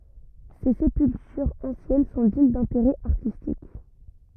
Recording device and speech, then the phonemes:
rigid in-ear microphone, read sentence
se sepyltyʁz ɑ̃sjɛn sɔ̃ diɲ dɛ̃teʁɛ aʁtistik

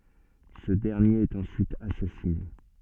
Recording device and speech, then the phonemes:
soft in-ear microphone, read sentence
sə dɛʁnjeʁ ɛt ɑ̃syit asasine

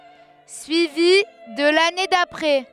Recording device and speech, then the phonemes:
headset microphone, read sentence
syivi də lane dapʁɛ

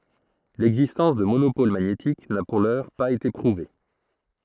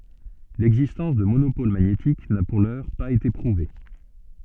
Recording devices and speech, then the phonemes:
throat microphone, soft in-ear microphone, read sentence
lɛɡzistɑ̃s də monopol maɲetik na puʁ lœʁ paz ete pʁuve

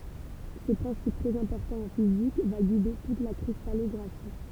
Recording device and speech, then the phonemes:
temple vibration pickup, read sentence
sə pʁɛ̃sip tʁɛz ɛ̃pɔʁtɑ̃ ɑ̃ fizik va ɡide tut la kʁistalɔɡʁafi

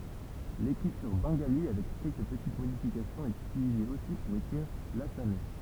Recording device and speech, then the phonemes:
temple vibration pickup, read sentence
lekʁityʁ bɑ̃ɡali avɛk kɛlkə pətit modifikasjɔ̃z ɛt ytilize osi puʁ ekʁiʁ lasamɛ

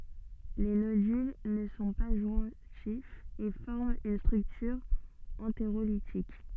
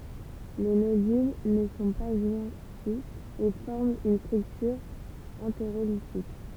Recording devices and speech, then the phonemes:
soft in-ear microphone, temple vibration pickup, read sentence
le nodyl nə sɔ̃ pa ʒwɛ̃tifz e fɔʁmt yn stʁyktyʁ ɑ̃teʁolitik

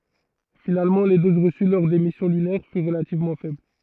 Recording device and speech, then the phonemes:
throat microphone, read sentence
finalmɑ̃ le doz ʁəsy lɔʁ de misjɔ̃ lynɛʁ fyʁ ʁəlativmɑ̃ fɛbl

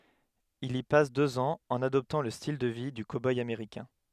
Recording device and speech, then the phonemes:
headset microphone, read sentence
il i pas døz ɑ̃z ɑ̃n adɔptɑ̃ lə stil də vi dy koboj ameʁikɛ̃

